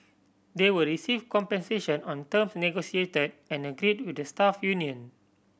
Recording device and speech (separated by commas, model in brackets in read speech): boundary microphone (BM630), read sentence